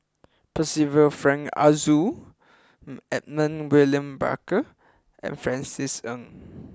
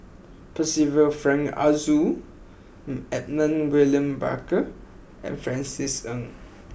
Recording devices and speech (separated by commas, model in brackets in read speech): close-talking microphone (WH20), boundary microphone (BM630), read sentence